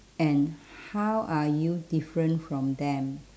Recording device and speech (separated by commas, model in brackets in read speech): standing microphone, conversation in separate rooms